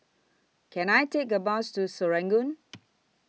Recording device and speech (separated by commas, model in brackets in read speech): mobile phone (iPhone 6), read sentence